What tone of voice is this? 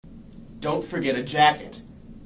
angry